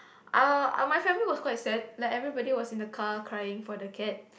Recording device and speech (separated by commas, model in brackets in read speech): boundary microphone, conversation in the same room